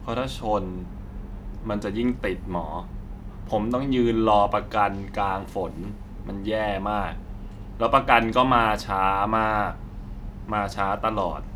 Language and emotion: Thai, frustrated